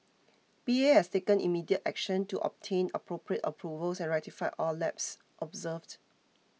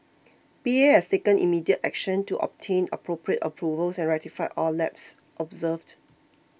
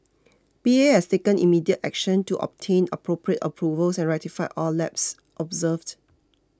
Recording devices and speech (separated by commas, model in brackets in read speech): mobile phone (iPhone 6), boundary microphone (BM630), close-talking microphone (WH20), read sentence